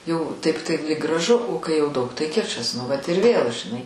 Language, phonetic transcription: Lithuanian, jau ˈtaip tai lyg graˈžu o kai jau ˈdaug tai ˈkičas nu ˈvat ir ˈvėl žiˈnai

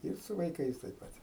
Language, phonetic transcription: Lithuanian, ˈir su vaiˈkais taip ˈpat'

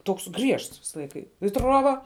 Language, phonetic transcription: Lithuanian, ˈtoks ˈgriežts ˈvisa ˈlaika i ˈtruoba

